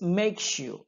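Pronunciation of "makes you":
In 'makes you', the s at the end of 'makes' and the y at the start of 'you' combine into a sh sound.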